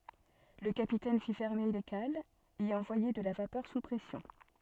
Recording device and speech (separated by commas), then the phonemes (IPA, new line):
soft in-ear microphone, read sentence
lə kapitɛn fi fɛʁme le kalz e ɑ̃vwaje də la vapœʁ su pʁɛsjɔ̃